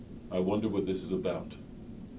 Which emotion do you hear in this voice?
neutral